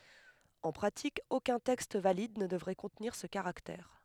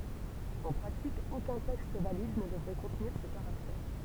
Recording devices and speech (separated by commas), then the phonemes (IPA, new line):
headset microphone, temple vibration pickup, read sentence
ɑ̃ pʁatik okœ̃ tɛkst valid nə dəvʁɛ kɔ̃tniʁ sə kaʁaktɛʁ